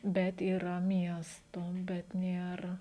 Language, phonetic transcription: Lithuanian, ˈbet yˈra ˈmiesto bet ˈnėr

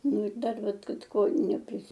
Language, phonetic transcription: Lithuanian, ˈnu ir ˈdar ˈvat ˈkad ˈko neprisi

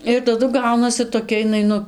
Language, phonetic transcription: Lithuanian, ir taˈdu ˈgaunasi toˈkia iˈnai ˈnu

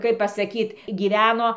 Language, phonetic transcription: Lithuanian, kaip pasaˈkyt gyˈveno

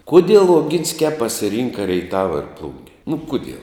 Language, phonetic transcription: Lithuanian, ˈkudiel oˈginskiā pasiˈrynka reiˈtava ir ˈplunge nu ˈkudiel

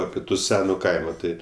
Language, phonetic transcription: Lithuanian, ˈapi tu ˈsenu ˈkaimo ˈtai

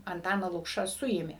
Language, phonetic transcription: Lithuanian, anˈtaną ˈlukšą ˈsuėmė

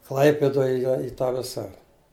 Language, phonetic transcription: Lithuanian, ˈklaipidoj ˈjo i tą ˈvisa

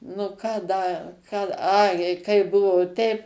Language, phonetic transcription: Lithuanian, nu ˈką ˈda ˈką ˈai jei ˈkai ˈbuvo ˈteip

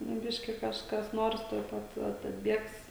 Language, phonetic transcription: Lithuanian, nu ˈbiški kažˈkas ˈnors tuoj ˈpat ˈat atˈbiegs

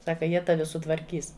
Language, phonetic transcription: Lithuanian, ˈsaka ˈjie ˈtavi sutvarˈkys

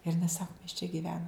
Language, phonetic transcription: Lithuanian, ir iˈnai ˈsaku mes čia giˈvenom

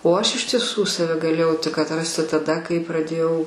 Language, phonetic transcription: Lithuanian, o aš iš tieˈsų saˈve gaˈlėjau tik atˈrasti taˈda kai praˈdėjau

